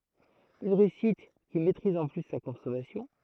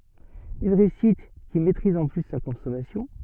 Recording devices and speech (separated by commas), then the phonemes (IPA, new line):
throat microphone, soft in-ear microphone, read sentence
yn ʁeysit ki mɛtʁiz ɑ̃ ply sa kɔ̃sɔmasjɔ̃